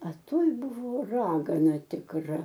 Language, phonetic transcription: Lithuanian, a ˈtoj ˈbuvo ˈragana tikˈra

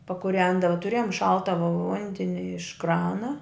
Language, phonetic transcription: Lithuanian, pakuˈrendava tuˈrėjom ˈšalta vu ˈvundeni iš ˈkrana

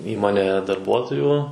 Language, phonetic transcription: Lithuanian, ˈįmonėje darˈbuotojų

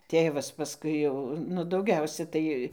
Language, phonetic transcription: Lithuanian, ˈtėvas paˈskui jau nu dauˈgiausia ˈtai

